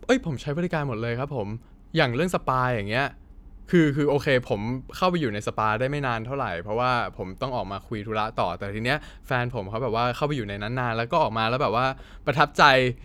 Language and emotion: Thai, happy